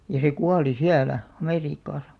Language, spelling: Finnish, ja se kuoli siellä Amerikassa
- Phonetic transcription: ja se 'kuali "siälä , 'Ameriikkàsᴀ .

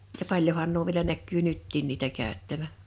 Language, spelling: Finnish, ja paljonhan nuo vielä näkyy nytkin niitä käyttävän
- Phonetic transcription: ja 'paĺjohan nuo viᵉlä 'näkkyy 'nyttiin niitä 'kä̀öttävä .

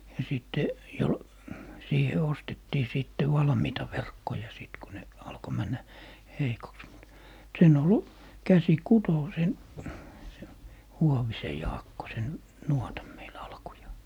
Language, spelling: Finnish, ja sitten - siihen ostettiin sitten valmiita verkkoja sitten kun ne alkoi mennä heikoksi mutta sen oli käsin kutoi sen se Huovisen Jaakko sen nuotan meille alkujaan
- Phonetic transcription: ja 'sìtte , 'jol- , 'siihe "ostettii 'sìtte "valmiita "verkkoja sìt ku ne , 'alko "männä , 'heikoks mut , 'sen ‿ol , 'käsi "kuto 'sen , se "Huovise 'Jaakko 'sen , "nuotam meil 'alkujaa .

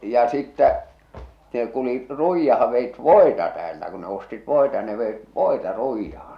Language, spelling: Finnish, ja ja ja sitten ne kulkivat Ruijaan veivät voita täältä kun ne ostivat voita ne veivät voita Ruijaan
- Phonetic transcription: jᵃ jᵃ ja sittä , ne kulit "Ruijjaha veit "vòḙta täältä ku ne ostit 'vòeta ne veit , "vòeta 'Ruijjahan̬ .

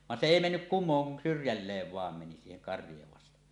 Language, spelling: Finnish, vaan se ei mennyt kumoon kun syrjälleen vain meni siihen karia vasten
- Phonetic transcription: van se "èi 'mennyk "kum̆mooŋ kun syrjälleev vàem meni siiheŋ 'kar̆rie vaste .

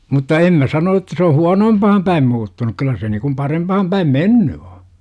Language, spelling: Finnish, mutta en minä sano että se on huonompaan päin muuttunut kyllä se niin kuin parempaan päin mennyt on
- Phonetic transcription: mutta 'em mä sano että se o "huanoompaham päim 'muuttunuk kyl̆lä se niŋkum parempaham päim "menny o .

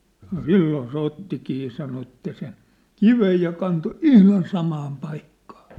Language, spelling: Finnish, sanoi silloin se ottikin ja sanoi että sen kiven ja kantoi ihan samaan paikkaan
- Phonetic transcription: sano "silloo se 'ottikii jă sano että sen̬ , "kivej ja kanto "ihlan 'samaam 'paikkᴀᴀ .

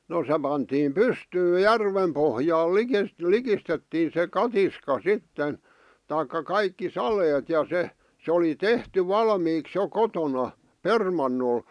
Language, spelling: Finnish, no se pantiin pystyyn järven pohjalle - likistettiin se katiska sitten tai kaikki saleet ja se se oli tehty valmiiksi jo kotona permannolla
- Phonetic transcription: no se pantiim "pystyy "järvem pohjaal "likes- "likistettiin̬ se "katiska "sitten , 'taikka 'kaikki "saleet ja 'se , sᵉ oli "tehty "valmiiks jo "kotona , "permannol .

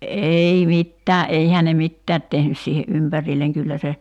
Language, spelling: Finnish, ei mitään eihän ne ne mitään tehnyt siihen ympärille kyllä se
- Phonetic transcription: "eei 'mittää '’eihää ne ne "mittäät tehnys siihe '’ympärilleŋ 'kyllä se ,.

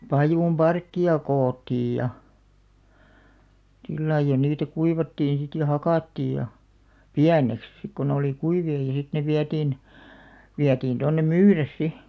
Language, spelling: Finnish, pajun parkkia koottiin ja sillä lailla ja niitä kuivattiin sitten ja hakattiin ja pieneksi sitten kun ne oli kuivia ja sitten ne vietiin vietiin tuonne myydä sitten
- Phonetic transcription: 'pajùm "ʙarkki₍a 'koottij ja , 'sillaij̆ ja niitä 'kuivattin̬ sit ja 'hakàttiij̆ ja , "piäneks sik ko ne olì 'kuivi₍a ja sit ne 'viätiin , 'viätiin tonnem̆§ "myyräs 'si .

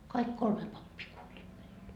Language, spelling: Finnish, kaikki kolme pappia kuolivat meillä
- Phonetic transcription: 'kaik "kolme 'pappii kuoĺiit meil .

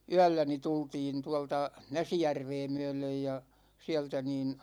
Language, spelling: Finnish, yöllä niin tultiin tuolta Näsijärveä myöden ja sieltä niin
- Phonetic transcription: yällä ni 'tultiin 'tualta , "Näsijärvee 'myö̬löj ja , 'siɛltä niin ,.

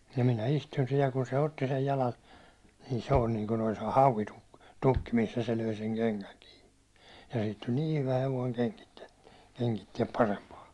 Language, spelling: Finnish, ja minä istuin siihen ja kun se otti sen jalan niin se oli niin kuin olisi - havutukki missä se löi sen kengän kiinni ja siitä tuli niin hyvä hevonen kengittää kengitti parempaa
- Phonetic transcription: ja 'minä 'istun sihij ja kun se otti sej 'jalan , ni se oĺ niiŋku olis 'hauvituk- , -tukki missä se löi seŋ 'keŋkäŋ kii , ja siit tuĺ nii 'hyvä 'hevoiŋ keŋkittiɛ , keŋkittiɛp 'parempaa .

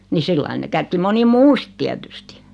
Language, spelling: Finnish, niin sillä lailla ne kätki moni muu sitten tietysti
- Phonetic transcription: ni 'sillai ne 'kätki moni "muu sⁱt 'tiätysti .

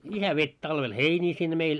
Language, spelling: Finnish, isä veti talvella heiniä sinne meillä
- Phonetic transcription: 'isä vet́ 'talvel "heińii sinne 'meil .

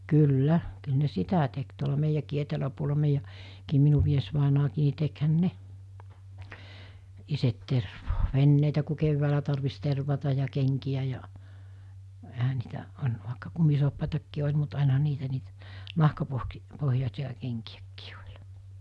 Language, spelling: Finnish, kyllä kyllä ne sitä teki tuolla meidänkin eteläpuolella - meidänkin minun miesvainajakin niin tekihän ne itse tervaa veneitä kun keväällä tarvitsi tervata ja kenkiä ja eihän niitä aina vaikka kumisaappaitakin oli mutta ainahan niitä - nahkapohjaisia kenkiäkin oli
- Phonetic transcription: 'kyl'lä , kyl ne "sitä tek tuola 'meijäkii 'eteläpuola 'meijä- , -kiim minu 'miesvàenaakii ni tekhän "ne , 'iset 'tervoo , 'venneìtä ku keʸwäälä tarvis tervata ja 'keŋkiʲä ja , ehä niitä , àena vàekka 'kumisuappàetakkii oĺ mut àenaha 'niitä 'nahkapohk- , -pohjas̜i₍a 'keŋkiʲäkkii oĺ .

